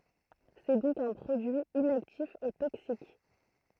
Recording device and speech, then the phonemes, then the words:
throat microphone, read sentence
sɛ dɔ̃k œ̃ pʁodyi inaktif e toksik
C’est donc un produit inactif et toxique.

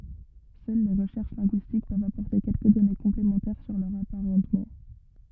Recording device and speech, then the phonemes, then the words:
rigid in-ear microphone, read sentence
sœl le ʁəʃɛʁʃ lɛ̃ɡyistik pøvt apɔʁte kɛlkə dɔne kɔ̃plemɑ̃tɛʁ syʁ lœʁz apaʁɑ̃tmɑ̃
Seules les recherches linguistiques peuvent apporter quelques données complémentaires sur leurs apparentements.

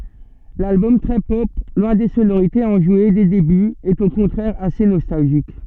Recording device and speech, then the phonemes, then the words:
soft in-ear microphone, read sentence
lalbɔm tʁɛ pɔp lwɛ̃ de sonoʁitez ɑ̃ʒwe de debyz ɛt o kɔ̃tʁɛʁ ase nɔstalʒik
L'album très pop, loin des sonorités enjouées des débuts, est au contraire assez nostalgique.

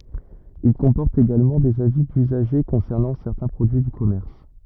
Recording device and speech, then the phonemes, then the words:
rigid in-ear microphone, read sentence
il kɔ̃pɔʁtt eɡalmɑ̃ dez avi dyzaʒe kɔ̃sɛʁnɑ̃ sɛʁtɛ̃ pʁodyi dy kɔmɛʁs
Ils comportent également des avis d'usagers concernant certains produits du commerce.

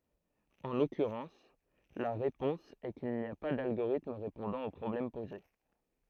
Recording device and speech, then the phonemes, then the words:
throat microphone, read sentence
ɑ̃ lɔkyʁɑ̃s la ʁepɔ̃s ɛ kil ni a pa dalɡoʁitm ʁepɔ̃dɑ̃ o pʁɔblɛm poze
En l'occurrence, la réponse est qu'il n'y a pas d'algorithme répondant au problème posé.

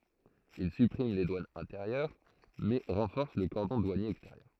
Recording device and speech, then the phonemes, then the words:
throat microphone, read sentence
il sypʁim le dwanz ɛ̃teʁjœʁ mɛ ʁɑ̃fɔʁs lə kɔʁdɔ̃ dwanje ɛksteʁjœʁ
Il supprime les douanes intérieures, mais renforce le cordon douanier extérieur.

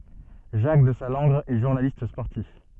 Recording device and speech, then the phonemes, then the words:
soft in-ear microphone, read sentence
ʒak dəzalɑ̃ɡʁ ɛ ʒuʁnalist spɔʁtif
Jacques Desallangre est journaliste sportif.

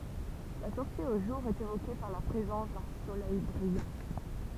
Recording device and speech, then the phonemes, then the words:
temple vibration pickup, read sentence
la sɔʁti o ʒuʁ ɛt evoke paʁ la pʁezɑ̃s dœ̃ solɛj bʁijɑ̃
La sortie au jour est évoquée par la présence d'un soleil brillant.

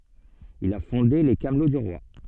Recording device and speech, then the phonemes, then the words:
soft in-ear microphone, read sentence
il a fɔ̃de le kamlo dy ʁwa
Il a fondé les Camelots du roi.

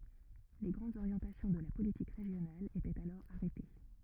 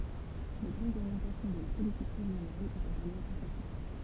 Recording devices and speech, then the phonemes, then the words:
rigid in-ear microphone, temple vibration pickup, read sentence
le ɡʁɑ̃dz oʁjɑ̃tasjɔ̃ də la politik ʁeʒjonal etɛt alɔʁ aʁɛte
Les grandes orientations de la politique régionale étaient alors arrêtées.

